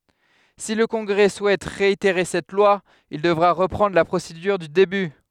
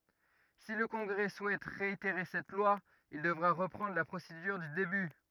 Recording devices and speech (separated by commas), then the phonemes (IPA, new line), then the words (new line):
headset microphone, rigid in-ear microphone, read sentence
si lə kɔ̃ɡʁɛ suɛt ʁeiteʁe sɛt lwa il dəvʁa ʁəpʁɑ̃dʁ la pʁosedyʁ dy deby
Si le Congrès souhaite réitérer cette loi, il devra reprendre la procédure du début.